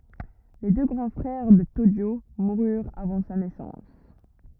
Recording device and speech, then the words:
rigid in-ear microphone, read sentence
Les deux grands frères de Tōjō moururent avant sa naissance.

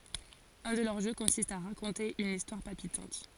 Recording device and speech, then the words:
forehead accelerometer, read sentence
Un de leurs jeux consiste à raconter une histoire palpitante.

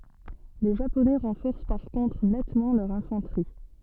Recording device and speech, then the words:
soft in-ear microphone, read sentence
Les Japonais renforcent par contre nettement leur infanterie.

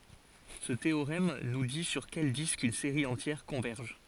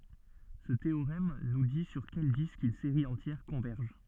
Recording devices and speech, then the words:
forehead accelerometer, soft in-ear microphone, read sentence
Ce théorème nous dit sur quel disque une série entière converge.

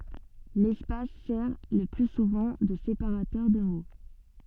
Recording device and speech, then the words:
soft in-ear microphone, read sentence
L’espace sert le plus souvent de séparateur de mots.

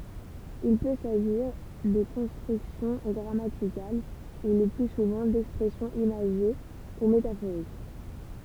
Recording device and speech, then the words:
temple vibration pickup, read sentence
Il peut s'agir de constructions grammaticales ou, le plus souvent, d'expressions imagées ou métaphoriques.

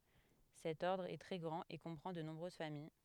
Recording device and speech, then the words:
headset microphone, read sentence
Cet ordre est très grand et comprend de nombreuses familles.

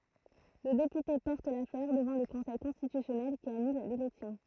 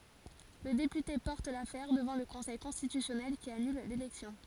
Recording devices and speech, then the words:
throat microphone, forehead accelerometer, read sentence
Le député porte l'affaire devant le conseil constitutionnel qui annule l'élection.

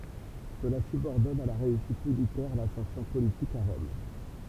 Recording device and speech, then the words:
temple vibration pickup, read sentence
Cela subordonne à la réussite militaire l'ascension politique à Rome.

